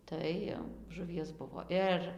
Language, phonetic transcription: Lithuanian, ˈtai jau žuˈvies ˈbuvo ˈir

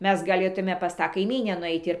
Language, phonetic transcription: Lithuanian, ˈmes gaˈlėtume pas ˈtą kaiˈmynę nuˈeit ir

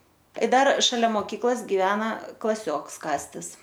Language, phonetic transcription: Lithuanian, i ˈdar šaˈlia moˈkyklas giˈvena klaˈsioks ˈkastis

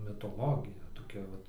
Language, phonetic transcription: Lithuanian, mitoˈlogija toˈkia ˈvat

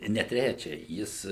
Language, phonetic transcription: Lithuanian, ne ˈtræčia ˈjis

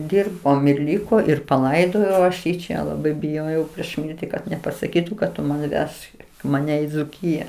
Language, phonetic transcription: Lithuanian, ˈdirbom ir ˈliko ir paˈlaidojau ˈaš jį ˈčia laˈbai biˈjojau prieš ˈmirti kad nepasaˈkytu kad ˈtu man' ˈvežk maˈne i dzuˈkyja

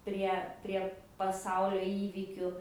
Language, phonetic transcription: Lithuanian, ˈprie ˈprie paˈsaulio ˈįvykiu

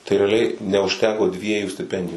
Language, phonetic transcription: Lithuanian, tai reaˈliai neužˈteko ˈdviejų stiˈpendiju

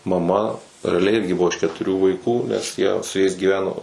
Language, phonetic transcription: Lithuanian, maˈma reaˈliai ˈirgi ˈbuvo iš ketuˈrių vaikų nes ˈjie su ˈjais gyˈveno

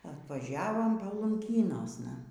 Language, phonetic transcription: Lithuanian, atvaˈžiavom palunˈkynosna

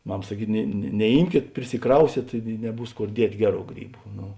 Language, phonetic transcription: Lithuanian, ˈmam saˈkyt ne neˈymkėt prisiˈkrausėt i neˈbūs ˈkor ˈdiet' ˈgeˌrų ˈgryˌbu ˈnu

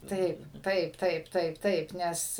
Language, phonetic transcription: Lithuanian, ˈtaip ˈtaip ˈtaip ˈtaip ˈtaip ˈnes

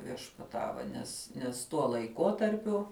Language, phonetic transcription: Lithuanian, viešpaˈtava nes nes tuo laiˈkotarpiu

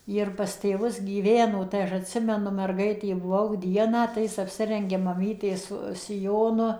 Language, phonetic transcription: Lithuanian, ˌjir pas tėˈvus gyˈveno tai ˈaš atˈsimenu merˈgaitė buˈvau ˈdieną tai ˈjis apˈsirengia maˈmytės siˈjonu

